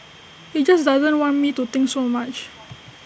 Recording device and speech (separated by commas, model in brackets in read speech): boundary microphone (BM630), read sentence